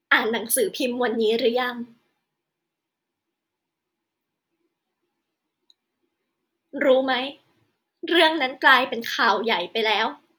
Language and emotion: Thai, sad